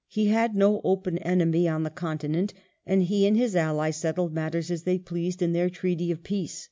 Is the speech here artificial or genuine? genuine